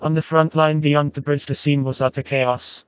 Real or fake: fake